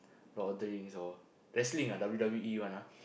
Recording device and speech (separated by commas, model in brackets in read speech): boundary microphone, conversation in the same room